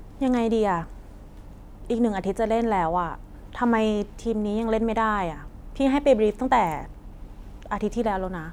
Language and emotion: Thai, frustrated